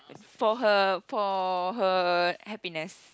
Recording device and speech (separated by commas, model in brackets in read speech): close-talking microphone, conversation in the same room